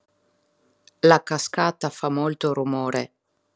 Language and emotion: Italian, neutral